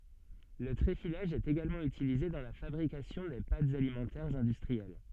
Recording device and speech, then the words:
soft in-ear microphone, read sentence
Le tréfilage est également utilisé dans la fabrication des pâtes alimentaires industrielles.

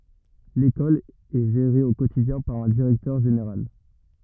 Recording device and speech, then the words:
rigid in-ear microphone, read sentence
L'école est gérée au quotidien par un directeur général.

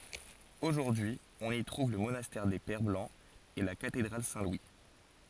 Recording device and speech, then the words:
forehead accelerometer, read sentence
Aujourd'hui, on y trouve le monastère des Pères Blancs et la cathédrale Saint-Louis.

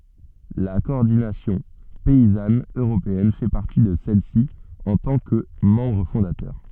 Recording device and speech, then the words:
soft in-ear microphone, read sentence
La Coordination Paysanne Européenne fait partie de celles-ci en tant que membre fondateur.

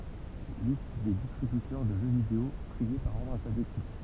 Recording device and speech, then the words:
temple vibration pickup, read sentence
Liste des distributeurs de jeux vidéo, triés par ordre alphabétique.

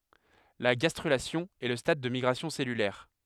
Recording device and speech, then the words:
headset microphone, read sentence
La gastrulation est le stade des migrations cellulaires.

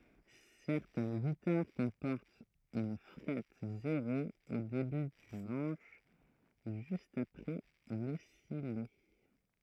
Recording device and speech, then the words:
throat microphone, read sentence
Certaines guitares comportent une frette zéro au début du manche, juste après le sillet.

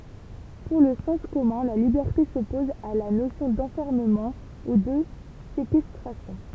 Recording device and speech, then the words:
temple vibration pickup, read sentence
Pour le sens commun, la liberté s'oppose à la notion d'enfermement ou de séquestration.

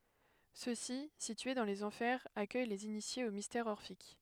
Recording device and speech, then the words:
headset microphone, read sentence
Ceux-ci, situés dans les Enfers, accueillent les initiés aux mystères orphiques.

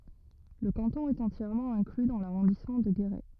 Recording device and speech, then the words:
rigid in-ear microphone, read sentence
Le canton est entièrement inclus dans l'arrondissement de Guéret.

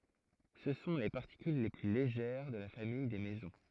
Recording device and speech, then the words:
throat microphone, read sentence
Ce sont les particules les plus légères de la famille des mésons.

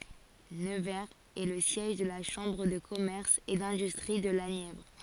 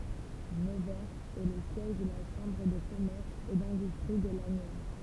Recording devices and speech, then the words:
forehead accelerometer, temple vibration pickup, read sentence
Nevers est le siège de la Chambre de commerce et d'industrie de la Nièvre.

